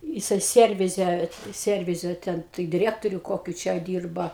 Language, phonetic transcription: Lithuanian, jiˈsai ˈsiervize ˈsiervize ˈten tai diˈriektoriu ˈkokiu čia ˈdyrba

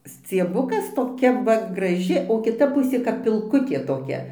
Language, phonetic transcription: Lithuanian, scieˈbukas toˈkia ˈva graˈži o kiˈta ˈpusė kap pilˈkutė toˈkia

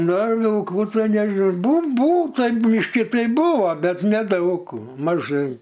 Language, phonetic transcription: Lithuanian, ˈna vilˈkų ˈtai neži ˈbūn ˈbūta ˈbyški ˈtai ˈbuvo ˈbet neˈdaug maˈžai

